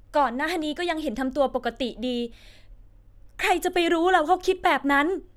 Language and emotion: Thai, sad